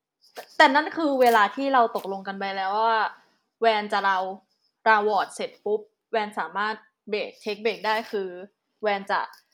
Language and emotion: Thai, neutral